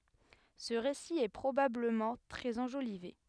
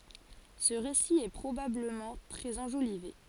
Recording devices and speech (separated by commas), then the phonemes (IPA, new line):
headset microphone, forehead accelerometer, read sentence
sə ʁesi ɛ pʁobabləmɑ̃ tʁɛz ɑ̃ʒolive